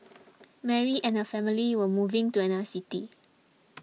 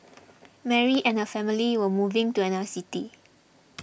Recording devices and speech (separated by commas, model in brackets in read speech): mobile phone (iPhone 6), boundary microphone (BM630), read sentence